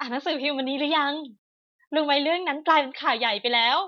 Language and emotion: Thai, happy